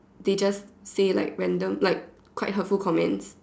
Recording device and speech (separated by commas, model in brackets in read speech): standing microphone, conversation in separate rooms